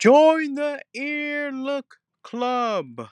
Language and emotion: English, sad